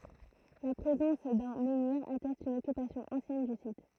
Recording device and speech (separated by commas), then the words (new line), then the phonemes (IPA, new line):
throat microphone, read sentence
La présence d'un menhir atteste une occupation ancienne du site.
la pʁezɑ̃s dœ̃ mɑ̃niʁ atɛst yn ɔkypasjɔ̃ ɑ̃sjɛn dy sit